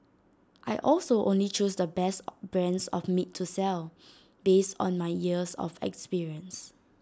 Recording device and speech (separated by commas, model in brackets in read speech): standing microphone (AKG C214), read sentence